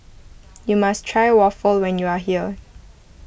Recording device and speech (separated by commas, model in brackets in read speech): boundary microphone (BM630), read sentence